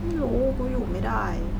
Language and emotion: Thai, frustrated